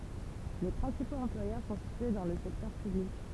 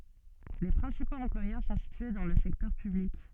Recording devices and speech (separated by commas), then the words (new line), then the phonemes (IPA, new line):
temple vibration pickup, soft in-ear microphone, read sentence
Les principaux employeurs sont situés dans le secteur public.
le pʁɛ̃sipoz ɑ̃plwajœʁ sɔ̃ sitye dɑ̃ lə sɛktœʁ pyblik